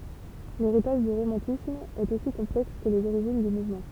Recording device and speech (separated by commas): temple vibration pickup, read sentence